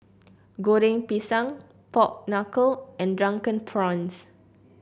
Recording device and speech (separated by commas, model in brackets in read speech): boundary microphone (BM630), read sentence